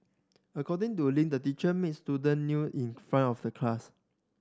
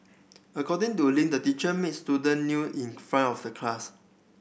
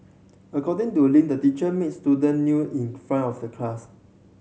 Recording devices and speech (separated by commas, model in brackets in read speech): standing microphone (AKG C214), boundary microphone (BM630), mobile phone (Samsung C7100), read sentence